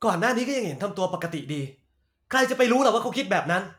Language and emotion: Thai, frustrated